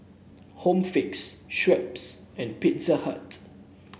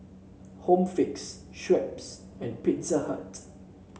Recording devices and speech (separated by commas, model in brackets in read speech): boundary microphone (BM630), mobile phone (Samsung C7), read sentence